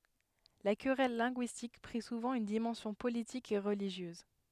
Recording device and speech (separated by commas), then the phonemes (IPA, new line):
headset microphone, read sentence
la kʁɛl lɛ̃ɡyistik pʁi suvɑ̃ yn dimɑ̃sjɔ̃ politik e ʁəliʒjøz